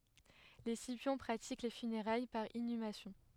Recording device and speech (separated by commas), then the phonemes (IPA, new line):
headset microphone, read sentence
le sipjɔ̃ pʁatik le fyneʁaj paʁ inymasjɔ̃